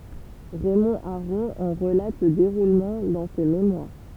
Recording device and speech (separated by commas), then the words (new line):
temple vibration pickup, read sentence
Raymond Aron en relate le déroulement dans ses mémoires.